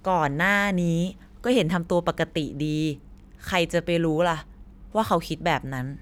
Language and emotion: Thai, neutral